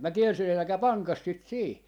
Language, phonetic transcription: Finnish, 'mä "kielsin » 'älᵃ̈kä "paŋkas 'sit "sii » .
- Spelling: minä kielsin älkää panko sitä siihen

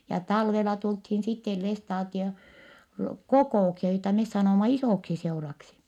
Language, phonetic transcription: Finnish, ja talvela tulthin sittel lestaatio- , kokò₍uksia joita mes sanòma isòksiseuraksi .
- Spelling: ja talvella tultiin sitten - kokouksia joita me sanoimme isoksiseuraksi

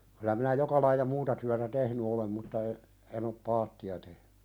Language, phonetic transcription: Finnish, (k)yllä minä "joka laija "muuta tyätä 'tehny olem mutta e- , en ‿op "paatti₍a tehnʏ .
- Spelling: kyllä minä joka lajia muuta työtä tehnyt olen mutta - en ole paattia tehnyt

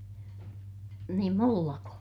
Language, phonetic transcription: Finnish, niim mullako ?
- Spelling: niin minullako

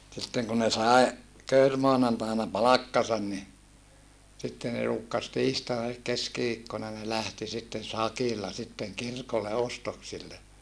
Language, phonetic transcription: Finnish, sitteŋ ku ne sae , köyrmoanantaina palakkasan ni , sitte ne ruukkas tiistaina elik keskiviikkona ne lähti sitten̬ sakilla sitteŋ kirkolle ostoksille .
- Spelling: sitten kun ne sai kekrimaanantaina palkkansa niin sitten ne ruukasi tiistaina eli keskiviikkona ne lähti sitten sakilla sitten kirkolle ostoksille

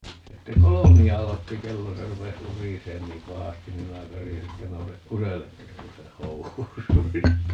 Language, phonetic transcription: Finnish, ('sitte) "kolomi₍a 'alotti 'kello - 'se rupes "uriseen niim "pahastin 'niim minä 'karijasi että » 'nousek "kuselle ('ettes 'kuseh "housuis) » .
- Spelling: sitten kolmea aloitti kello se rupesi urisemaan niin pahasti niin minä karjaisin että nouse kuselle että et kuse housuihisi

